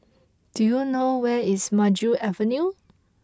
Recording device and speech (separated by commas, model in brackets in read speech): close-talking microphone (WH20), read sentence